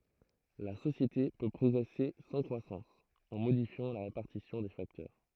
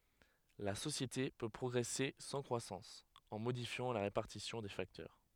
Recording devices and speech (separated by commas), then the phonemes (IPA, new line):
throat microphone, headset microphone, read sentence
la sosjete pø pʁɔɡʁɛse sɑ̃ kʁwasɑ̃s ɑ̃ modifjɑ̃ la ʁepaʁtisjɔ̃ de faktœʁ